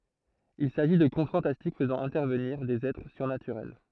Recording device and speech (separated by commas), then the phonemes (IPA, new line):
throat microphone, read sentence
il saʒi də kɔ̃t fɑ̃tastik fəzɑ̃ ɛ̃tɛʁvəniʁ dez ɛtʁ syʁnatyʁɛl